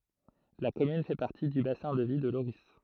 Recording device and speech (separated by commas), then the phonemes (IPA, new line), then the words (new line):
throat microphone, read sentence
la kɔmyn fɛ paʁti dy basɛ̃ də vi də loʁi
La commune fait partie du bassin de vie de Lorris.